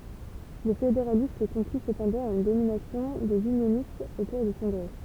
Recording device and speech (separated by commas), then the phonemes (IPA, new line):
temple vibration pickup, read sentence
le fedeʁalist kɔ̃kly səpɑ̃dɑ̃ a yn dominasjɔ̃ dez ynjonistz o kuʁ dy kɔ̃ɡʁɛ